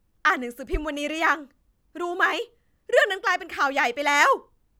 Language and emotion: Thai, angry